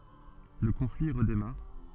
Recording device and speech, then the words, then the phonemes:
soft in-ear microphone, read sentence
Le conflit redémarre.
lə kɔ̃fli ʁədemaʁ

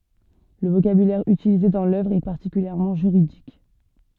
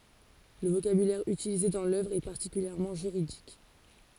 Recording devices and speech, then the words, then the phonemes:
soft in-ear microphone, forehead accelerometer, read sentence
Le vocabulaire utilisé dans l'œuvre est particulièrement juridique.
lə vokabylɛʁ ytilize dɑ̃ lœvʁ ɛ paʁtikyljɛʁmɑ̃ ʒyʁidik

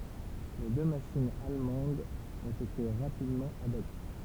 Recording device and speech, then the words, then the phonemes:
temple vibration pickup, read sentence
Les deux machines allemandes ont été rapidement abattues.
le dø maʃinz almɑ̃dz ɔ̃t ete ʁapidmɑ̃ abaty

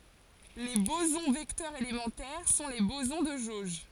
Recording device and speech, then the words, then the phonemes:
forehead accelerometer, read sentence
Les bosons vecteurs élémentaires sont les bosons de jauge.
le bozɔ̃ vɛktœʁz elemɑ̃tɛʁ sɔ̃ le bozɔ̃ də ʒoʒ

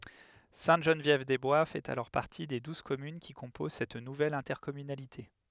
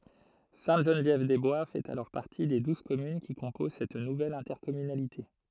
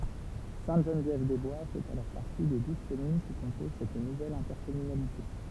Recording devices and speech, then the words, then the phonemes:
headset microphone, throat microphone, temple vibration pickup, read sentence
Sainte-Geneviève-des-Bois fait alors partie des douze communes qui composent cette nouvelle intercommunalité.
sɛ̃təʒənvjɛvdɛzbwa fɛt alɔʁ paʁti de duz kɔmyn ki kɔ̃poz sɛt nuvɛl ɛ̃tɛʁkɔmynalite

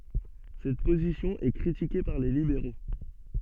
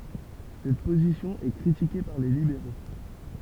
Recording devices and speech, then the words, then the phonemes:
soft in-ear microphone, temple vibration pickup, read sentence
Cette position est critiquée par les libéraux.
sɛt pozisjɔ̃ ɛ kʁitike paʁ le libeʁo

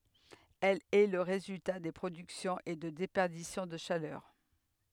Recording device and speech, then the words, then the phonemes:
headset microphone, read sentence
Elle est le résultat de productions et de déperditions de chaleur.
ɛl ɛ lə ʁezylta də pʁodyksjɔ̃z e də depɛʁdisjɔ̃ də ʃalœʁ

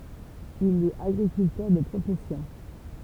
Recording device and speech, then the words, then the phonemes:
temple vibration pickup, read sentence
Il est agriculteur de profession.
il ɛt aɡʁikyltœʁ də pʁofɛsjɔ̃

